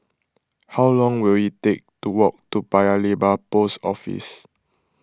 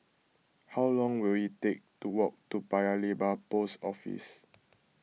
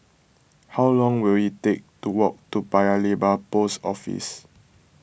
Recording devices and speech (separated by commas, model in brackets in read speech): close-talking microphone (WH20), mobile phone (iPhone 6), boundary microphone (BM630), read sentence